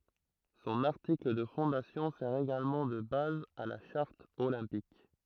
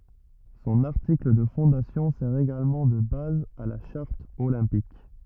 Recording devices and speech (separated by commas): throat microphone, rigid in-ear microphone, read sentence